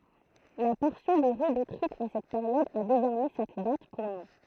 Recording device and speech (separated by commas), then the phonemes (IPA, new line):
throat microphone, read sentence
la pɔʁsjɔ̃ də ʁy detʁyit a sɛt peʁjɔd a dezɔʁmɛ sɛt dat puʁ nɔ̃